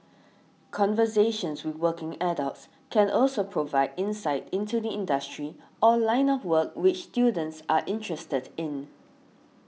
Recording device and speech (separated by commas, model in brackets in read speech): mobile phone (iPhone 6), read sentence